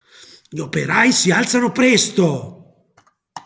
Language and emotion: Italian, angry